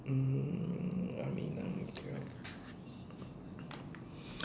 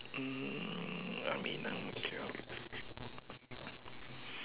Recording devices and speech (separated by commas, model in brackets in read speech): standing microphone, telephone, conversation in separate rooms